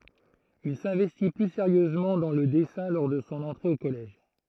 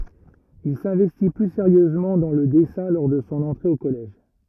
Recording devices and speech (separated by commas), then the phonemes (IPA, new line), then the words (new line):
throat microphone, rigid in-ear microphone, read sentence
il sɛ̃vɛsti ply seʁjøzmɑ̃ dɑ̃ lə dɛsɛ̃ lɔʁ də sɔ̃ ɑ̃tʁe o kɔlɛʒ
Il s'investit plus sérieusement dans le dessin lors de son entrée au collège.